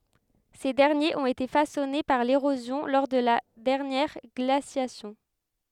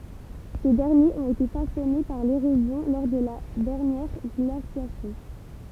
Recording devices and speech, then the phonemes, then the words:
headset microphone, temple vibration pickup, read sentence
se dɛʁnjez ɔ̃t ete fasɔne paʁ leʁozjɔ̃ lɔʁ də la dɛʁnjɛʁ ɡlasjasjɔ̃
Ces derniers ont été façonnés par l'érosion lors de la dernière glaciation.

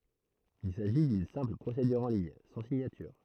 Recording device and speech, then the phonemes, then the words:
throat microphone, read sentence
il saʒi dyn sɛ̃pl pʁosedyʁ ɑ̃ liɲ sɑ̃ siɲatyʁ
Il s'agit d'une simple procédure en ligne, sans signature.

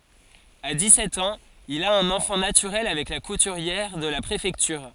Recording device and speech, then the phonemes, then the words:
forehead accelerometer, read sentence
a dikssɛt ɑ̃z il a œ̃n ɑ̃fɑ̃ natyʁɛl avɛk la kutyʁjɛʁ də la pʁefɛktyʁ
À dix-sept ans, il a un enfant naturel avec la couturière de la préfecture.

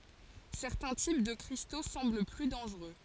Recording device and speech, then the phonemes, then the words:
forehead accelerometer, read sentence
sɛʁtɛ̃ tip də kʁisto sɑ̃bl ply dɑ̃ʒʁø
Certains types de cristaux semblent plus dangereux.

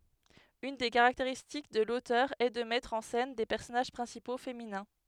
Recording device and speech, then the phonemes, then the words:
headset microphone, read sentence
yn de kaʁakteʁistik də lotœʁ ɛ də mɛtʁ ɑ̃ sɛn de pɛʁsɔnaʒ pʁɛ̃sipo feminɛ̃
Une des caractéristiques de l'auteur est de mettre en scène des personnages principaux féminins.

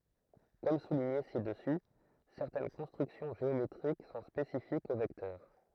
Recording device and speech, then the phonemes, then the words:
throat microphone, read sentence
kɔm suliɲe sidəsy sɛʁtɛn kɔ̃stʁyksjɔ̃ ʒeometʁik sɔ̃ spesifikz o vɛktœʁ
Comme souligné ci-dessus, certaines constructions géométriques sont spécifiques aux vecteurs.

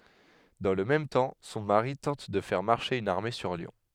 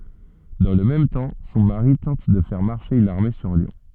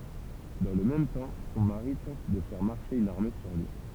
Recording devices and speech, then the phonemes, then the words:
headset microphone, soft in-ear microphone, temple vibration pickup, read sentence
dɑ̃ lə mɛm tɑ̃ sɔ̃ maʁi tɑ̃t də fɛʁ maʁʃe yn aʁme syʁ ljɔ̃
Dans le même temps, son mari tente de faire marcher une armée sur Lyon.

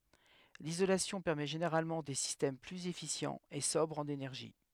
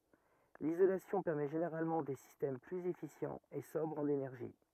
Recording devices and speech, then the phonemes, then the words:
headset microphone, rigid in-ear microphone, read sentence
lizolasjɔ̃ pɛʁmɛ ʒeneʁalmɑ̃ de sistɛm plyz efisjɑ̃z e sɔbʁz ɑ̃n enɛʁʒi
L'isolation permet généralement des systèmes plus efficients et sobres en énergie.

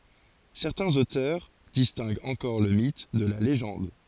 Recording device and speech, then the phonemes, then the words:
forehead accelerometer, read sentence
sɛʁtɛ̃z otœʁ distɛ̃ɡt ɑ̃kɔʁ lə mit də la leʒɑ̃d
Certains auteurs distinguent encore le mythe de la légende.

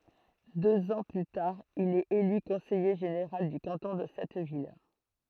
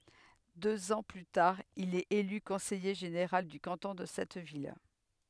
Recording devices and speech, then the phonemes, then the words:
throat microphone, headset microphone, read sentence
døz ɑ̃ ply taʁ il ɛt ely kɔ̃sɛje ʒeneʁal dy kɑ̃tɔ̃ də sɛt vil
Deux ans plus tard, il est élu conseiller général du canton de cette ville.

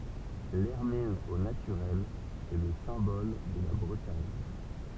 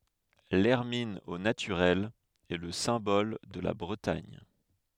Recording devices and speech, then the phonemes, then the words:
temple vibration pickup, headset microphone, read sentence
lɛʁmin o natyʁɛl ɛ lə sɛ̃bɔl də la bʁətaɲ
L'hermine au naturel est le symbole de la Bretagne.

